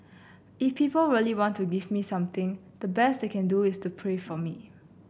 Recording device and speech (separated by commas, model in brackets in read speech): boundary microphone (BM630), read sentence